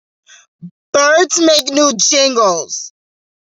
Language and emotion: English, sad